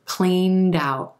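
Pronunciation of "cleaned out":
In 'cleaned out', the final d sound of 'cleaned' links over to the front of 'out'.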